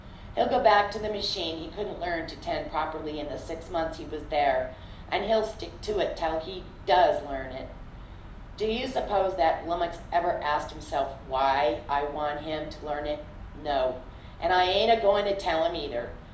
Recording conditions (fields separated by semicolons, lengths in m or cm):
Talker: one person; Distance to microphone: 2.0 m; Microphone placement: close; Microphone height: 99 cm; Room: medium-sized (5.7 m by 4.0 m); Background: none